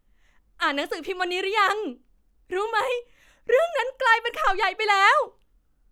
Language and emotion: Thai, happy